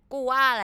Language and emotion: Thai, angry